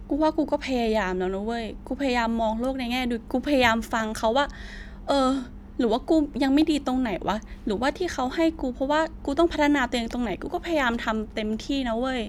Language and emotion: Thai, frustrated